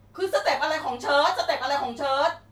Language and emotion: Thai, angry